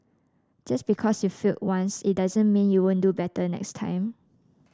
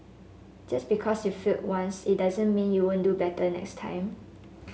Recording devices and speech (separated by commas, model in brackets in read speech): standing microphone (AKG C214), mobile phone (Samsung S8), read sentence